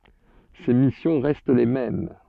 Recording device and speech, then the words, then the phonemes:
soft in-ear microphone, read sentence
Ses missions restent les mêmes.
se misjɔ̃ ʁɛst le mɛm

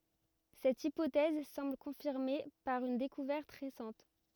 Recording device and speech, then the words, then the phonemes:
rigid in-ear microphone, read sentence
Cette hypothèse semble confirmée par une découverte récente.
sɛt ipotɛz sɑ̃bl kɔ̃fiʁme paʁ yn dekuvɛʁt ʁesɑ̃t

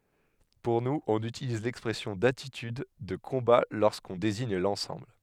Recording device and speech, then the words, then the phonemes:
headset microphone, read sentence
Pour nous, on utilise l’expression d’attitude de combat lorsqu’on désigne l’ensemble.
puʁ nuz ɔ̃n ytiliz lɛkspʁɛsjɔ̃ datityd də kɔ̃ba loʁskɔ̃ deziɲ lɑ̃sɑ̃bl

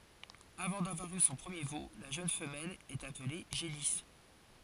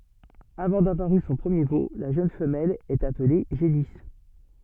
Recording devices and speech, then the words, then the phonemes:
forehead accelerometer, soft in-ear microphone, read sentence
Avant d'avoir eu son premier veau, la jeune femelle est appelée génisse.
avɑ̃ davwaʁ y sɔ̃ pʁəmje vo la ʒøn fəmɛl ɛt aple ʒenis

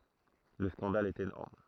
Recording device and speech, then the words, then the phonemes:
throat microphone, read sentence
Le scandale est énorme.
lə skɑ̃dal ɛt enɔʁm

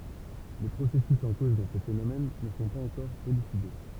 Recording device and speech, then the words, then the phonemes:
temple vibration pickup, read sentence
Les processus en cause dans ces phénomènes ne sont pas encore élucidés.
le pʁosɛsys ɑ̃ koz dɑ̃ se fenomɛn nə sɔ̃ paz ɑ̃kɔʁ elyside

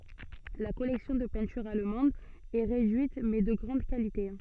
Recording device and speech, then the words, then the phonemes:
soft in-ear microphone, read sentence
La collection de peintures allemandes est réduite mais de grande qualité.
la kɔlɛksjɔ̃ də pɛ̃tyʁz almɑ̃dz ɛ ʁedyit mɛ də ɡʁɑ̃d kalite

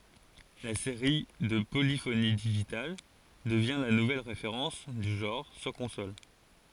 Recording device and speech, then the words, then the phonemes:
forehead accelerometer, read sentence
La série de Polyphony Digital devient la nouvelle référence du genre sur consoles.
la seʁi də polifoni diʒital dəvjɛ̃ la nuvɛl ʁefeʁɑ̃s dy ʒɑ̃ʁ syʁ kɔ̃sol

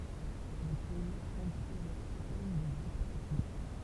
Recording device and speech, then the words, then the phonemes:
temple vibration pickup, read sentence
Le pays compte plusieurs centaines de groupes ethniques.
lə pɛi kɔ̃t plyzjœʁ sɑ̃tɛn də ɡʁupz ɛtnik

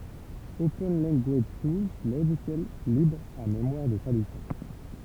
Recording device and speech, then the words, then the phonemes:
temple vibration pickup, read sentence
Open Language Tools Logiciel libre à mémoire de traduction.
open lɑ̃ɡaʒ tulz loʒisjɛl libʁ a memwaʁ də tʁadyksjɔ̃

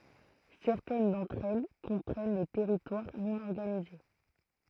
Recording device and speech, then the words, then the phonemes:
throat microphone, read sentence
Certaines d'entre elles comprennent des territoires non organisés.
sɛʁtɛn dɑ̃tʁ ɛl kɔ̃pʁɛn de tɛʁitwaʁ nɔ̃ ɔʁɡanize

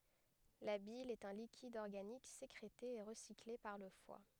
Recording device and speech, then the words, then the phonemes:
headset microphone, read sentence
La bile est un liquide organique sécrété et recyclé par le foie.
la bil ɛt œ̃ likid ɔʁɡanik sekʁete e ʁəsikle paʁ lə fwa

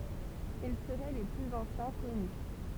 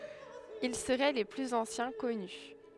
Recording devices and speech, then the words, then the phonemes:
temple vibration pickup, headset microphone, read sentence
Ils seraient les plus anciens connus.
il səʁɛ le plyz ɑ̃sjɛ̃ kɔny

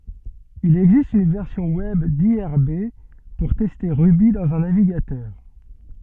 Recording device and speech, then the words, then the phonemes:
soft in-ear microphone, read sentence
Il existe une version web d'irb pour tester Ruby dans un navigateur.
il ɛɡzist yn vɛʁsjɔ̃ wɛb diʁb puʁ tɛste ʁuby dɑ̃z œ̃ naviɡatœʁ

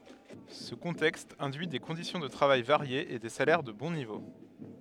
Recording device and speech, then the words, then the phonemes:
headset microphone, read sentence
Ce contexte induit des conditions de travail variées et des salaires de bon niveau.
sə kɔ̃tɛkst ɛ̃dyi de kɔ̃disjɔ̃ də tʁavaj vaʁjez e de salɛʁ də bɔ̃ nivo

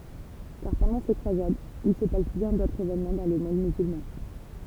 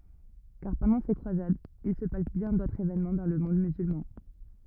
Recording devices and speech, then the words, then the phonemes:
temple vibration pickup, rigid in-ear microphone, read sentence
Car, pendant ces croisades, il se passe bien d'autres événements dans le monde musulman.
kaʁ pɑ̃dɑ̃ se kʁwazadz il sə pas bjɛ̃ dotʁz evenmɑ̃ dɑ̃ lə mɔ̃d myzylmɑ̃

